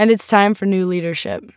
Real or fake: real